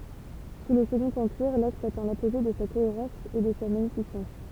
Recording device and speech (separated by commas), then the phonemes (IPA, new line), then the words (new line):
temple vibration pickup, read sentence
su lə səɡɔ̃t ɑ̃piʁ laks atɛ̃ lapoʒe də sa koeʁɑ̃s e də sa maɲifisɑ̃s
Sous le Second Empire l'axe atteint l'apogée de sa cohérence et de sa magnificence.